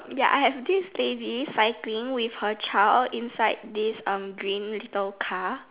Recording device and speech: telephone, conversation in separate rooms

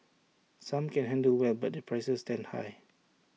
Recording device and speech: mobile phone (iPhone 6), read sentence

